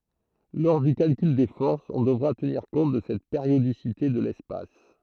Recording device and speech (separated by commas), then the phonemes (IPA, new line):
throat microphone, read sentence
lɔʁ dy kalkyl de fɔʁsz ɔ̃ dəvʁa təniʁ kɔ̃t də sɛt peʁjodisite də lɛspas